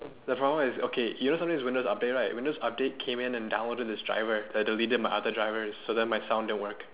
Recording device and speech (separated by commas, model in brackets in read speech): telephone, conversation in separate rooms